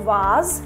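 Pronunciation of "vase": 'Vase' is pronounced incorrectly here.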